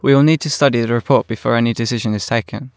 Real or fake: real